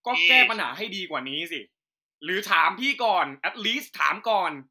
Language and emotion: Thai, angry